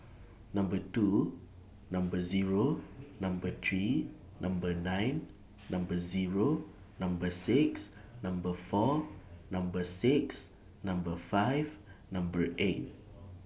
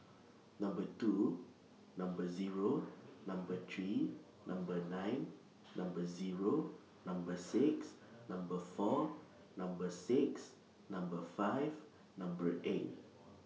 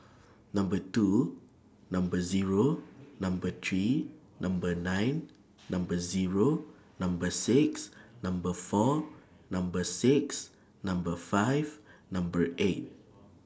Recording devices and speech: boundary microphone (BM630), mobile phone (iPhone 6), standing microphone (AKG C214), read sentence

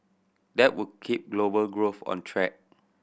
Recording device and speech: boundary microphone (BM630), read sentence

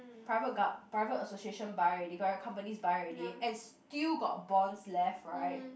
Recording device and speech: boundary microphone, conversation in the same room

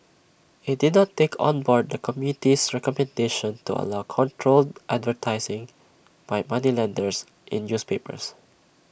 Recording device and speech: boundary microphone (BM630), read sentence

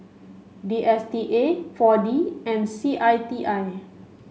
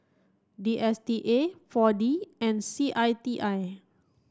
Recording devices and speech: mobile phone (Samsung C5), standing microphone (AKG C214), read sentence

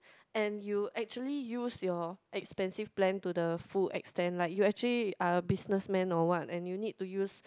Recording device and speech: close-talking microphone, conversation in the same room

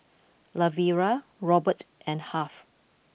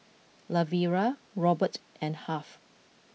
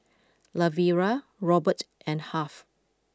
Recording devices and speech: boundary microphone (BM630), mobile phone (iPhone 6), close-talking microphone (WH20), read sentence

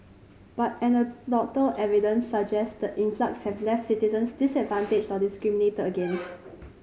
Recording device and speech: mobile phone (Samsung C5010), read sentence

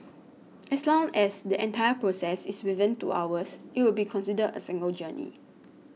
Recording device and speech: mobile phone (iPhone 6), read sentence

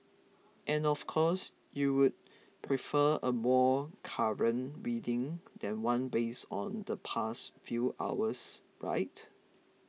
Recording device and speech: mobile phone (iPhone 6), read sentence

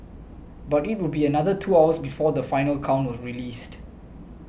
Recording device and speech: boundary microphone (BM630), read sentence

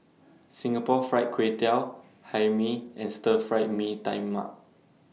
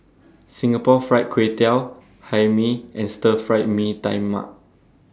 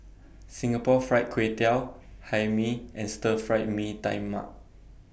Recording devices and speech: mobile phone (iPhone 6), standing microphone (AKG C214), boundary microphone (BM630), read sentence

